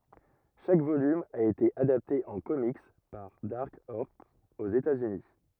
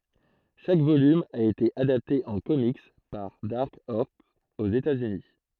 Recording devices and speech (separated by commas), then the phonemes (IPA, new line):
rigid in-ear microphone, throat microphone, read sentence
ʃak volym a ete adapte ɑ̃ komik paʁ daʁk ɔʁs oz etaz yni